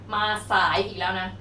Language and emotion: Thai, frustrated